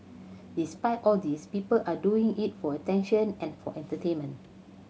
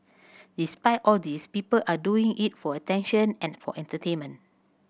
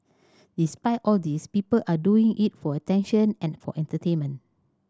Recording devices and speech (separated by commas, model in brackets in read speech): mobile phone (Samsung C7100), boundary microphone (BM630), standing microphone (AKG C214), read sentence